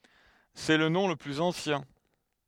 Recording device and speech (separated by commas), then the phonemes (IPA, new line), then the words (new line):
headset microphone, read sentence
sɛ lə nɔ̃ lə plyz ɑ̃sjɛ̃
C'est le nom le plus ancien.